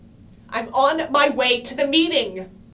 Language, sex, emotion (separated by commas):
English, female, angry